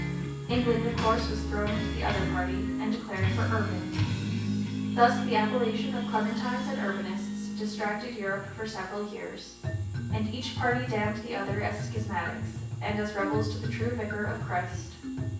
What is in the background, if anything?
Music.